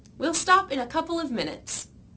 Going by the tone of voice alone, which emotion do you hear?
happy